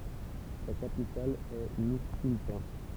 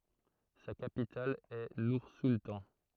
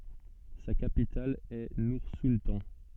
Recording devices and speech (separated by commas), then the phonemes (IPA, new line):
temple vibration pickup, throat microphone, soft in-ear microphone, read sentence
sa kapital ɛ nuʁsultɑ̃